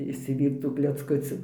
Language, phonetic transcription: Lithuanian, išsiˈvyrc tų klecˈkucių

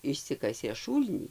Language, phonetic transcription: Lithuanian, išˈsikasė ˈšūlnį

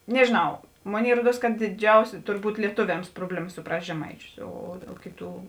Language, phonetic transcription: Lithuanian, nežėˈnau ˈmoˌnėi ˈruoˌduos kad diˈdžiausi ˈturˌbūt lieˈtuviams ˈprobleˌma suˈprast' žeˈmaiˌčius o o ˈkėˌtų

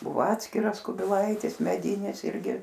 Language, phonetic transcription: Lithuanian, ˈbuvo ˈatskiras kubiˈlaitis meˈdynis ˈirgi

